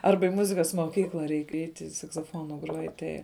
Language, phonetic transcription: Lithuanian, ˈarba i ˈmuzikas moˈkykla ˈreik ˈeiti saksoˈfonu ˈgruoj ˈtai

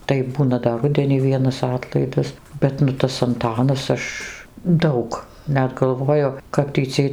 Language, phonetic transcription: Lithuanian, tai ˈbūna dar ˈrudenį ˈvienas ˈatlaidas ˈbet nu ˈtas anˈtanas ˈaš ˈdaug ˈnet galˈvoju kap tį ˈciej

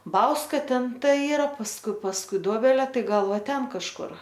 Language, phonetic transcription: Lithuanian, ˈbauska ˈten ˈta ˈyra pasˈkui pasˈkui ˈdobelė ˈtai ˈgal ˈva ˈten kažˈkur

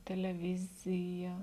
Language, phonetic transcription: Lithuanian, teleˈvizija

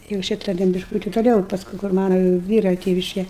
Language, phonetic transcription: Lithuanian, jau ˈšyta ten bišˈkūti toˈliau i pasˈkui kur ˈmana ˈvyra ˈtėviške

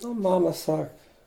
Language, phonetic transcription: Lithuanian, a ˈmama ˈsak

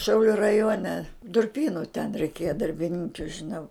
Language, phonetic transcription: Lithuanian, ˈšiauliu raˈjuone durˈpynu ten reiˈkėja darbiˈninkiu žiˈnau

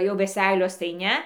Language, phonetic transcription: Lithuanian, jau veˈseilios tai ˈne

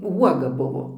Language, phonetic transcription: Lithuanian, ˈuoga ˈbuvo

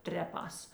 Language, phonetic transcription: Lithuanian, ˈtreˌpās

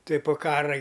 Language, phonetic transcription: Lithuanian, ˈtuoj po ˈkara gi

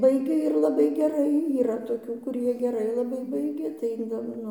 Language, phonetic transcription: Lithuanian, ˈbaigia ir laˈbai geˈrai yˈra toˈkių kuˈrie geˈrai laˈbai ˈbaigia tai jau ˈnu

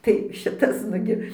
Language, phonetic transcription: Lithuanian, tai ˈšitas ˈnugi

